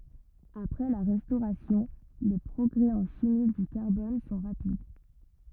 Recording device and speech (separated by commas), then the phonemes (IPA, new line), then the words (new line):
rigid in-ear microphone, read sentence
apʁɛ la ʁɛstoʁasjɔ̃ le pʁɔɡʁɛ ɑ̃ ʃimi dy kaʁbɔn sɔ̃ ʁapid
Après la Restauration, les progrès en chimie du carbone sont rapides.